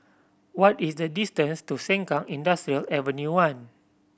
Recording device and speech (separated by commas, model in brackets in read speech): boundary microphone (BM630), read sentence